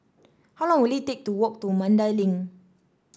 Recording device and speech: standing microphone (AKG C214), read sentence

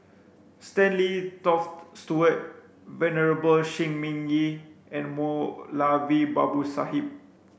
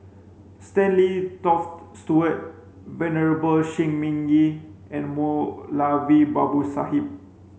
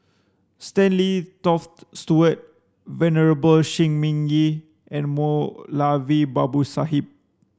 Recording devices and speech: boundary microphone (BM630), mobile phone (Samsung C5), standing microphone (AKG C214), read sentence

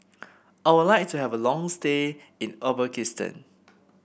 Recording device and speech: boundary microphone (BM630), read sentence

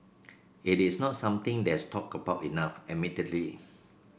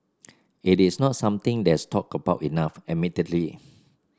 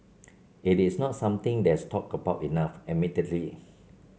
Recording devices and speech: boundary microphone (BM630), standing microphone (AKG C214), mobile phone (Samsung C7), read sentence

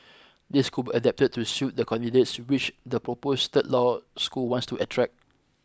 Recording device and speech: close-talking microphone (WH20), read sentence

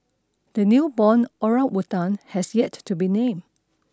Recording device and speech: standing microphone (AKG C214), read sentence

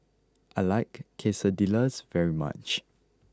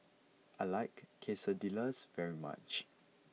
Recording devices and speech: close-talking microphone (WH20), mobile phone (iPhone 6), read sentence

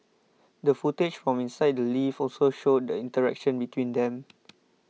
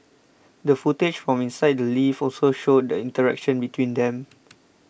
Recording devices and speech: mobile phone (iPhone 6), boundary microphone (BM630), read sentence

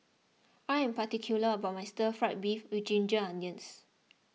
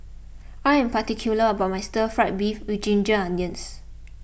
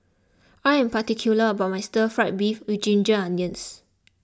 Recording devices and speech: mobile phone (iPhone 6), boundary microphone (BM630), close-talking microphone (WH20), read sentence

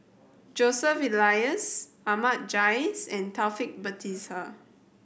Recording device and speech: boundary microphone (BM630), read sentence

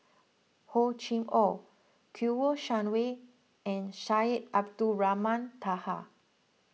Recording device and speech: mobile phone (iPhone 6), read sentence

